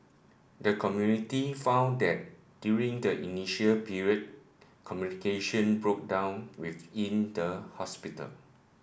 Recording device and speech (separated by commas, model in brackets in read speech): boundary microphone (BM630), read sentence